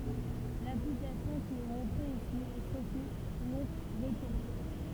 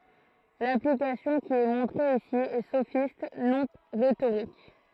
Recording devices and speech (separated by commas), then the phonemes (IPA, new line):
temple vibration pickup, throat microphone, read sentence
laplikasjɔ̃ ki ɛ mɔ̃tʁe isi ɛ sofist nɔ̃ ʁetoʁik